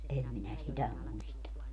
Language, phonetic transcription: Finnish, 'em minä "sitä 'muista .
- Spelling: en minä sitä muista

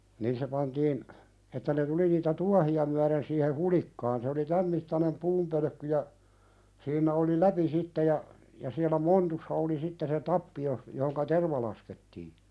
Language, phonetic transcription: Finnish, 'nin se pantiin , että ne 'tuli niitä "tuahi₍a myäðen siihe "hulikkaan se oli "täm mittanem 'puumpölᵒ̈kky ja , siinnᵃ̈ oli "läpi 'sitte ja , ja siäl̆lä "montussa oli 'sitte se "tappi jos- , johoŋka "terva laskettii .
- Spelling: niin se pantiin että ne tuli niitä tuohia myöten siihen hulikkaan se oli tämän mittainen puunpölkky ja siinä oli läpi sitten ja ja siellä montussa oli sitten se tappi - johon terva laskettiin

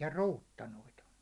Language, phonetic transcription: Finnish, ja "ruuttanoit ‿on .
- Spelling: ja ruutanoita on

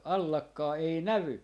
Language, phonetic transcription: Finnish, "allakkaa 'ei "nävy .
- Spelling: allakkaa ei näy

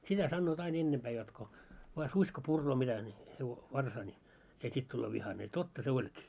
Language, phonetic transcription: Finnish, 'sitä sannoot 'ain 'ennempää jot ko , vaa "suś ko 'purroo mitä ńi , hevo- , 'varsaa ńi , se 'sit tulloo 'vihane ja "totta se 'oĺkii .
- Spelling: sitä sanovat aina ennempää jotta kun vain susi kun puree mitä niin - varsaa niin se sitten tulee vihainen ja totta se olikin

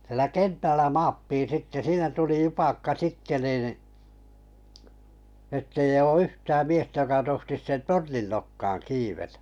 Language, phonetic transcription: Finnish, sⁱᵉlä "kentällä 'maappiin̬ 'sitte "siinä tuli 'jupakka 'sitte nìn , ettei oo 'yhtääm miestä joka tohtis "tornin nokkaaŋ 'kiivetᴀ̈ .
- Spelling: siellä kentällä maattiin sitten siinä tuli jupakka sitten niin että ei ole yhtään miestä joka tohtisi tornin nokkaan kiivetä

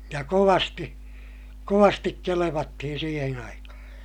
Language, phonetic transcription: Finnish, ja kovasti , kovastik kelevattihin̬ siihen ‿aikahaa̰ .
- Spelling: ja kovasti kovasti kelvattiin siihen aikaan

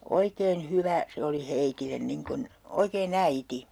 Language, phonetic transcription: Finnish, "oikeen "hyvä , 'se oli 'heitillen 'niŋ kun , oikee"n ‿äiti .
- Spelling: oikein hyvä se oli heille niin kuin oikein äiti

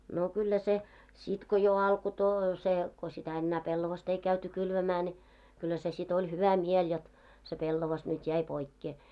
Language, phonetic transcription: Finnish, no kyllä se , 'sit ko jo alko to- se , ko sitä ennää 'pellovast ‿ei käyty 'kylvämää ne , kyllä se si't ‿oĺ "hyvä "miel jot , se 'pellovas nyt "jäi 'poikkee .
- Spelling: no kyllä se sitten kun jo alkoi - se kun sitä enää pellavaa ei käyty kylvämään ne kyllä se sitten oli hyvä mieli jotta se pellava nyt jäi poikkeen

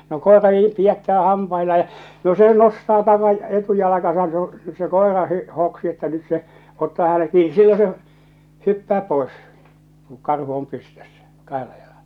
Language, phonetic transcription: Finnish, no "koera 'niim 'pi₍ättää 'hampailaa ja , no se 'nostaa 'taka- , 'etujalakasan se oo̰ , se "kòera hi- 'hoksi että nyt se , 'ottaa häne̳ 'kiini , 'sillo 'se’ , 'hyppää 'poes , ku 'karhu om 'pystössä , 'kahella jalaʟᴀ .
- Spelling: no koira niin pidättää hampaillaan ja no se nostaa - etujalkansa se on se koira - hoksi että nyt se ottaa hänen kiinni silloin se hyppää pois kun karhu on pystyssä kahdella jalalla

